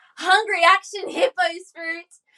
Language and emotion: English, happy